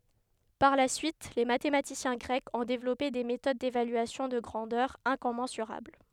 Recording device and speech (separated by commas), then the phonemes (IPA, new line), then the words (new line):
headset microphone, read sentence
paʁ la syit le matematisjɛ̃ ɡʁɛkz ɔ̃ devlɔpe de metod devalyasjɔ̃ də ɡʁɑ̃dœʁz ɛ̃kɔmɑ̃syʁabl
Par la suite, les mathématiciens grecs ont développé des méthodes d'évaluation de grandeurs incommensurables.